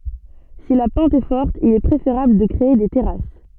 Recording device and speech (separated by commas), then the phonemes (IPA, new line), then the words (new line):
soft in-ear microphone, read sentence
si la pɑ̃t ɛ fɔʁt il ɛ pʁefeʁabl də kʁee de tɛʁas
Si la pente est forte, il est préférable de créer des terrasses.